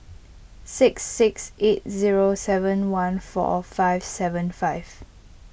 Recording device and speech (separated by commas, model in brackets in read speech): boundary microphone (BM630), read sentence